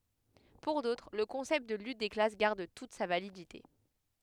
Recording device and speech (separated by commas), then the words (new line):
headset microphone, read sentence
Pour d'autres, le concept de lutte des classes garde toute sa validité.